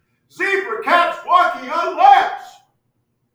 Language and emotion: English, happy